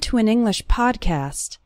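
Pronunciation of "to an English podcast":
In 'to an English podcast', the words 'to', 'an' and 'English' all flow together.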